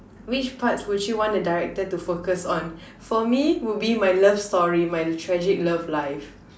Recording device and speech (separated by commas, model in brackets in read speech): standing microphone, conversation in separate rooms